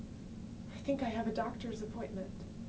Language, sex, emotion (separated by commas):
English, female, fearful